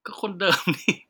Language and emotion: Thai, happy